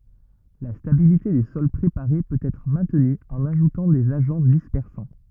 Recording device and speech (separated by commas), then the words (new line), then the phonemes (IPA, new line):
rigid in-ear microphone, read sentence
La stabilité des sols préparés peut être maintenue en ajoutant des agents dispersants.
la stabilite de sɔl pʁepaʁe pøt ɛtʁ mɛ̃tny ɑ̃n aʒutɑ̃ dez aʒɑ̃ dispɛʁsɑ̃